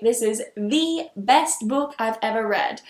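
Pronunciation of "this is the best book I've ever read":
'The' in 'the best' is emphasized and said as 'thee', not 'thuh', even though 'best' starts with a consonant sound.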